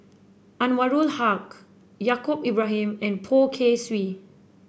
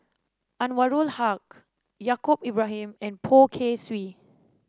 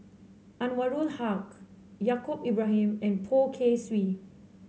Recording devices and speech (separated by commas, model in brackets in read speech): boundary microphone (BM630), standing microphone (AKG C214), mobile phone (Samsung C7), read sentence